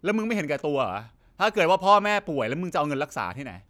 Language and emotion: Thai, frustrated